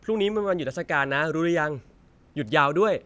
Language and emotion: Thai, happy